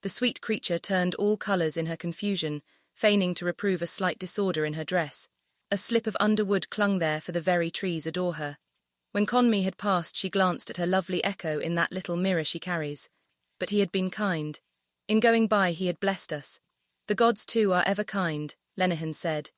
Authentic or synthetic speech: synthetic